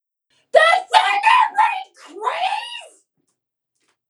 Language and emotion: English, angry